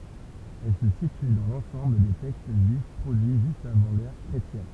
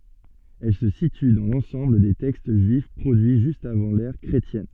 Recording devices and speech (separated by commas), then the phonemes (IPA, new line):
temple vibration pickup, soft in-ear microphone, read sentence
ɛl sə sity dɑ̃ lɑ̃sɑ̃bl de tɛkst ʒyif pʁodyi ʒyst avɑ̃ lɛʁ kʁetjɛn